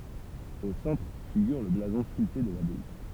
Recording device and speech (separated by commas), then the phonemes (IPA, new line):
temple vibration pickup, read sentence
o sɑ̃tʁ fiɡyʁ lə blazɔ̃ skylte də labaj